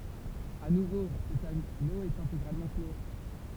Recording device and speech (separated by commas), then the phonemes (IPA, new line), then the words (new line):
temple vibration pickup, read sentence
a nuvo sɛt ano ɛt ɛ̃teɡʁalmɑ̃ klo
À nouveau, cet anneau est intégralement clos.